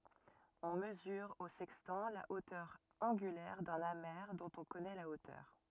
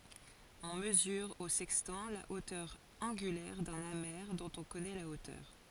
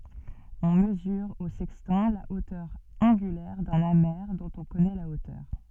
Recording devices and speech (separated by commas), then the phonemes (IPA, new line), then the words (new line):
rigid in-ear microphone, forehead accelerometer, soft in-ear microphone, read sentence
ɔ̃ məzyʁ o sɛkstɑ̃ la otœʁ ɑ̃ɡylɛʁ dœ̃n ame dɔ̃t ɔ̃ kɔnɛ la otœʁ
On mesure au sextant la hauteur angulaire d’un amer dont on connaît la hauteur.